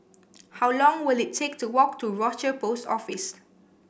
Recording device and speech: boundary microphone (BM630), read sentence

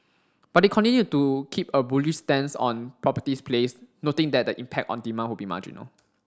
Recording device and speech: standing microphone (AKG C214), read sentence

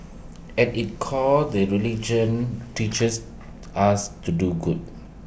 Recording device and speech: boundary microphone (BM630), read sentence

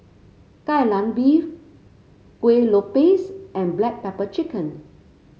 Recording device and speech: mobile phone (Samsung C5), read sentence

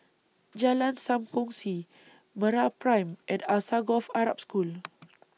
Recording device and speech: mobile phone (iPhone 6), read sentence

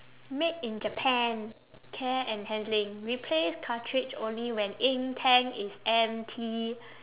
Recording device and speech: telephone, conversation in separate rooms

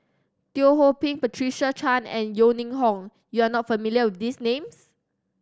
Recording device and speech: standing microphone (AKG C214), read sentence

